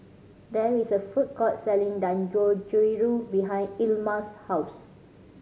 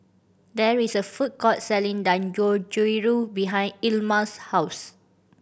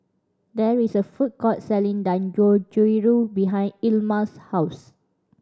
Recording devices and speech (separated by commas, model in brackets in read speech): mobile phone (Samsung C5010), boundary microphone (BM630), standing microphone (AKG C214), read sentence